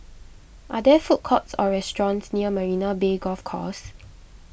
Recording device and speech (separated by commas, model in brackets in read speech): boundary microphone (BM630), read sentence